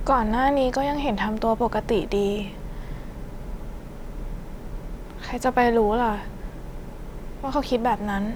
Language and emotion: Thai, sad